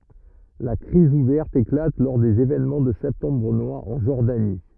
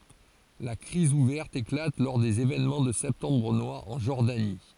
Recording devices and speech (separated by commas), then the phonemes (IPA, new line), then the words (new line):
rigid in-ear microphone, forehead accelerometer, read sentence
la kʁiz uvɛʁt eklat lɔʁ dez evenmɑ̃ də sɛptɑ̃bʁ nwaʁ ɑ̃ ʒɔʁdani
La crise ouverte éclate lors des événements de septembre noir en Jordanie.